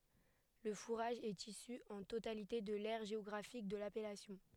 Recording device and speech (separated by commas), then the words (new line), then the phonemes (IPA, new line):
headset microphone, read sentence
Le fourrage est issu en totalité de l’aire géographique de l’appellation.
lə fuʁaʒ ɛt isy ɑ̃ totalite də lɛʁ ʒeɔɡʁafik də lapɛlasjɔ̃